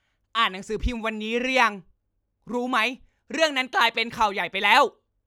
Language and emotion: Thai, angry